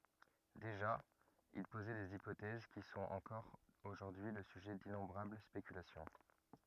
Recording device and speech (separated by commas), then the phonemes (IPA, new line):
rigid in-ear microphone, read sentence
deʒa il pozɛ dez ipotɛz ki sɔ̃t ɑ̃kɔʁ oʒuʁdyi lə syʒɛ dinɔ̃bʁabl spekylasjɔ̃